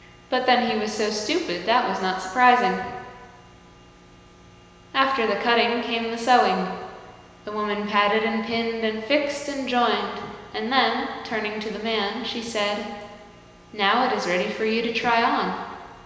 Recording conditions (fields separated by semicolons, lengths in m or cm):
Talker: one person; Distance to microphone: 1.7 m; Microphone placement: close; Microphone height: 1.0 m; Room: very reverberant, large; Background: none